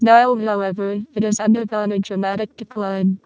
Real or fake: fake